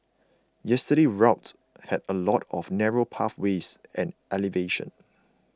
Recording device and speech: close-talking microphone (WH20), read sentence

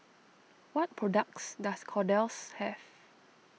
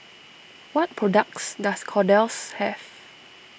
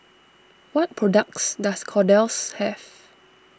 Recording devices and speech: mobile phone (iPhone 6), boundary microphone (BM630), standing microphone (AKG C214), read sentence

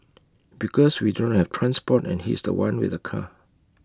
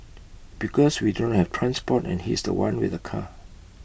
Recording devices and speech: close-talking microphone (WH20), boundary microphone (BM630), read sentence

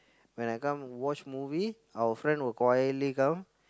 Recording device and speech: close-talking microphone, conversation in the same room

